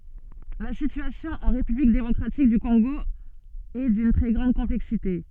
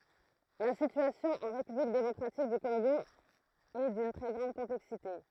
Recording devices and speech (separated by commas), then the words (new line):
soft in-ear microphone, throat microphone, read sentence
La situation en république démocratique du Congo est d'une très grande complexité.